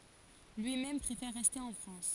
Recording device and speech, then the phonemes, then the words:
forehead accelerometer, read sentence
lyimɛm pʁefɛʁ ʁɛste ɑ̃ fʁɑ̃s
Lui-même préfère rester en France.

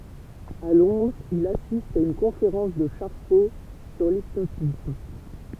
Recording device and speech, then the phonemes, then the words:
temple vibration pickup, read sentence
a lɔ̃dʁz il asist a yn kɔ̃feʁɑ̃s də ʃaʁko syʁ lipnotism
À Londres, il assiste à une conférence de Charcot sur l'hypnotisme.

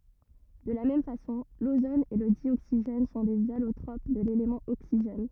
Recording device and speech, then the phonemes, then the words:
rigid in-ear microphone, read sentence
də la mɛm fasɔ̃ lozon e lə djoksiʒɛn sɔ̃ dez alotʁop də lelemɑ̃ oksiʒɛn
De la même façon, l'ozone et le dioxygène sont des allotropes de l'élément oxygène.

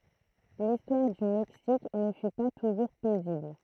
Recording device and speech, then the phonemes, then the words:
throat microphone, read sentence
listwaʁ dy mɛksik nə fy pa tuʒuʁ pɛzibl
L'histoire du Mexique ne fut pas toujours paisible.

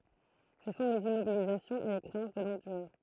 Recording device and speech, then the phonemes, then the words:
throat microphone, read sentence
sə sɔ̃ lez immobilizasjɔ̃z e le kʁeɑ̃s də lɔ̃ɡ dyʁe
Ce sont les immobilisations et les créances de longue durée.

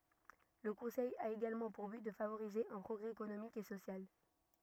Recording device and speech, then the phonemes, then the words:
rigid in-ear microphone, read sentence
lə kɔ̃sɛj a eɡalmɑ̃ puʁ byt də favoʁize œ̃ pʁɔɡʁɛ ekonomik e sosjal
Le Conseil a également pour but de favoriser un progrès économique et social.

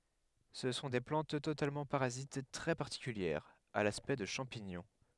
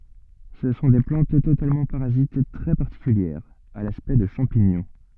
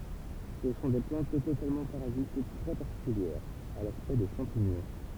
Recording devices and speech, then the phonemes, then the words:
headset microphone, soft in-ear microphone, temple vibration pickup, read sentence
sə sɔ̃ de plɑ̃t totalmɑ̃ paʁazit tʁɛ paʁtikyljɛʁz a laspɛkt də ʃɑ̃piɲɔ̃
Ce sont des plantes totalement parasites très particulières, à l'aspect de champignons.

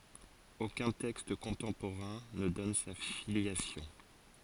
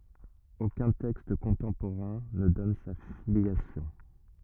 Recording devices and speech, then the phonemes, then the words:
forehead accelerometer, rigid in-ear microphone, read sentence
okœ̃ tɛkst kɔ̃tɑ̃poʁɛ̃ nə dɔn sa filjasjɔ̃
Aucun texte contemporain ne donne sa filiation.

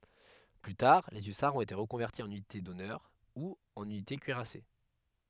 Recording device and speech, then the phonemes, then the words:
headset microphone, read sentence
ply taʁ le ysaʁz ɔ̃t ete ʁəkɔ̃vɛʁti ɑ̃n ynite dɔnœʁ u ɑ̃n ynite kyiʁase
Plus tard les hussards ont été reconvertis en unités d'honneur ou en unités cuirassées.

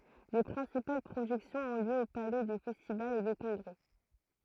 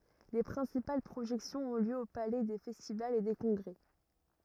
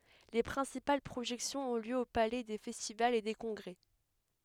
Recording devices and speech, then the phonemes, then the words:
throat microphone, rigid in-ear microphone, headset microphone, read sentence
le pʁɛ̃sipal pʁoʒɛksjɔ̃z ɔ̃ ljø o palɛ de fɛstivalz e de kɔ̃ɡʁɛ
Les principales projections ont lieu au Palais des festivals et des congrès.

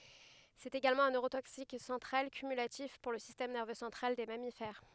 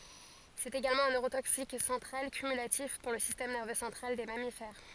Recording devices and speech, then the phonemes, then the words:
headset microphone, forehead accelerometer, read sentence
sɛt eɡalmɑ̃ œ̃ nøʁotoksik sɑ̃tʁal kymylatif puʁ lə sistɛm nɛʁvø sɑ̃tʁal de mamifɛʁ
C'est également un neurotoxique central cumulatif pour le système nerveux central des mammifères.

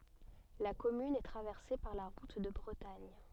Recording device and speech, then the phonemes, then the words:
soft in-ear microphone, read sentence
la kɔmyn ɛ tʁavɛʁse paʁ la ʁut də bʁətaɲ
La commune est traversée par la route de Bretagne.

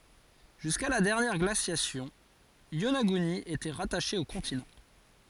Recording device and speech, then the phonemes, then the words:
forehead accelerometer, read sentence
ʒyska la dɛʁnjɛʁ ɡlasjasjɔ̃ jonaɡyni etɛ ʁataʃe o kɔ̃tinɑ̃
Jusqu’à la dernière glaciation, Yonaguni était rattachée au continent.

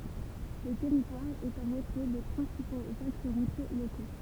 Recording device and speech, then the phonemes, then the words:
temple vibration pickup, read sentence
lə tɛʁitwaʁ ɛt ɑ̃ ʁətʁɛ de pʁɛ̃sipoz aks ʁutje loko
Le territoire est en retrait des principaux axes routiers locaux.

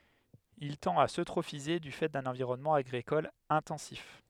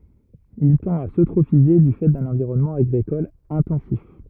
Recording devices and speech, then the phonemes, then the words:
headset microphone, rigid in-ear microphone, read sentence
il tɑ̃t a søtʁofize dy fɛ dœ̃n ɑ̃viʁɔnmɑ̃ aɡʁikɔl ɛ̃tɑ̃sif
Il tend à s'eutrophiser du fait d'un environnement agricole intensif.

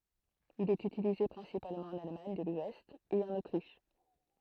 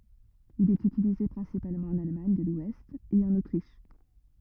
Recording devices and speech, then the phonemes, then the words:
throat microphone, rigid in-ear microphone, read sentence
il ɛt ytilize pʁɛ̃sipalmɑ̃ ɑ̃n almaɲ də lwɛst e ɑ̃n otʁiʃ
Il est utilisé principalement en Allemagne de l'ouest et en Autriche.

